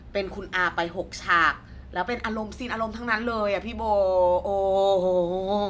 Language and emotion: Thai, frustrated